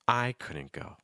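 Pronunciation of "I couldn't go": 'I couldn't go' starts at a higher pitch and finishes at a lower pitch.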